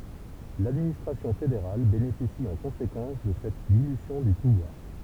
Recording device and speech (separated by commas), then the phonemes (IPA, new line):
temple vibration pickup, read sentence
ladministʁasjɔ̃ fedeʁal benefisi ɑ̃ kɔ̃sekɑ̃s də sɛt dilysjɔ̃ dy puvwaʁ